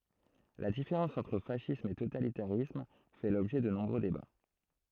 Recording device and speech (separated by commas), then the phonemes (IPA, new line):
throat microphone, read sentence
la difeʁɑ̃s ɑ̃tʁ fasism e totalitaʁism fɛ lɔbʒɛ də nɔ̃bʁø deba